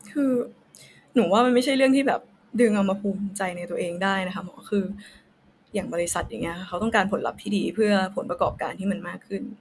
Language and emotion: Thai, frustrated